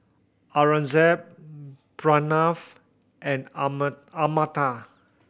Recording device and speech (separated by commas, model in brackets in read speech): boundary microphone (BM630), read sentence